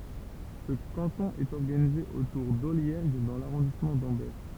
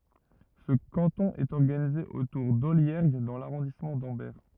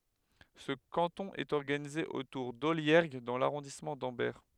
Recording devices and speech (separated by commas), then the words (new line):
temple vibration pickup, rigid in-ear microphone, headset microphone, read sentence
Ce canton est organisé autour d'Olliergues dans l'arrondissement d'Ambert.